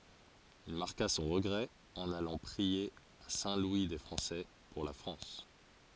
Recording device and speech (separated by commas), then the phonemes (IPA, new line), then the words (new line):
forehead accelerometer, read sentence
il maʁka sɔ̃ ʁəɡʁɛ ɑ̃n alɑ̃ pʁie a sɛ̃ lwi de fʁɑ̃sɛ puʁ la fʁɑ̃s
Il marqua son regret en allant prier à Saint-Louis-des-Français, pour la France.